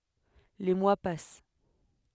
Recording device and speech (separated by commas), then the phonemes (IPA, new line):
headset microphone, read sentence
le mwa pas